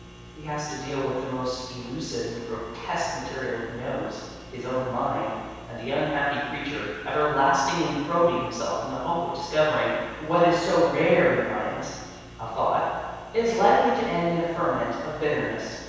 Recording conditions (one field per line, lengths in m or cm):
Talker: one person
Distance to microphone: 7.1 m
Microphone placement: far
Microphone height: 1.7 m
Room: very reverberant, large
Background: none